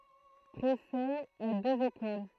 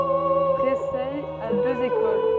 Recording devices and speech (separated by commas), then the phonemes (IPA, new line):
throat microphone, soft in-ear microphone, read sentence
pʁesɛ a døz ekol